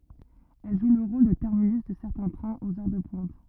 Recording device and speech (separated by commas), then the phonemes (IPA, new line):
rigid in-ear microphone, read sentence
ɛl ʒu lə ʁol də tɛʁminys də sɛʁtɛ̃ tʁɛ̃z oz œʁ də pwɛ̃t